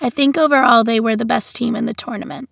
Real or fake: real